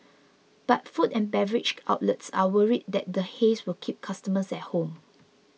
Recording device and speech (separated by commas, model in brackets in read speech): mobile phone (iPhone 6), read sentence